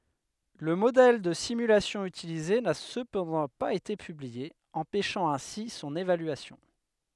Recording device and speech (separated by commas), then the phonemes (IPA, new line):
headset microphone, read sentence
lə modɛl də simylasjɔ̃ ytilize na səpɑ̃dɑ̃ paz ete pyblie ɑ̃pɛʃɑ̃ ɛ̃si sɔ̃n evalyasjɔ̃